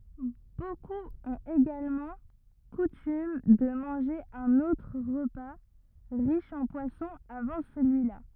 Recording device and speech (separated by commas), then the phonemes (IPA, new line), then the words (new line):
rigid in-ear microphone, read sentence
bokup ɔ̃t eɡalmɑ̃ kutym də mɑ̃ʒe œ̃n otʁ ʁəpa ʁiʃ ɑ̃ pwasɔ̃ avɑ̃ səlyila
Beaucoup ont également coutume de manger un autre repas riche en poisson avant celui-là.